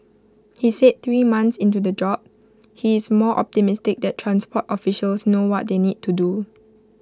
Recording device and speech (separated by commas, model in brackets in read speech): close-talking microphone (WH20), read sentence